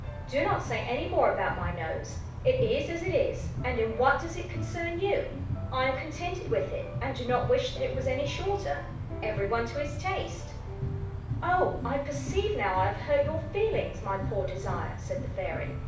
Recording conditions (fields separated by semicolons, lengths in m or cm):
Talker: one person; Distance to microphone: 5.8 m; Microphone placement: far; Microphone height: 1.8 m; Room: medium-sized (5.7 m by 4.0 m); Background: music